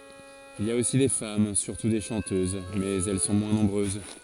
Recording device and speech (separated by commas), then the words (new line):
forehead accelerometer, read sentence
Il y a aussi des femmes, surtout des chanteuses, mais elles sont moins nombreuses.